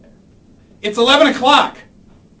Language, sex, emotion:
English, male, angry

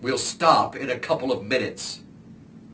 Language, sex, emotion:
English, male, angry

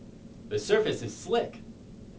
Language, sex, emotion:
English, male, happy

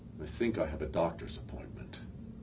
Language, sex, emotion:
English, male, neutral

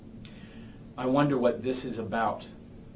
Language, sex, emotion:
English, male, neutral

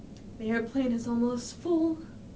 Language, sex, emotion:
English, female, fearful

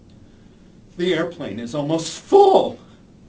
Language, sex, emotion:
English, male, disgusted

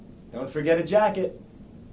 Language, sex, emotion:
English, male, happy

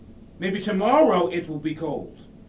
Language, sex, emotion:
English, male, neutral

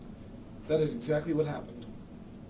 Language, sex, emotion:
English, male, neutral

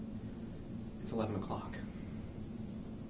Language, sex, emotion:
English, male, neutral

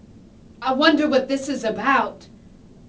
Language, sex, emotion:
English, female, fearful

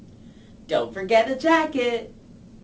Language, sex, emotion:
English, female, happy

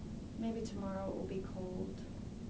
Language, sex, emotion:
English, female, sad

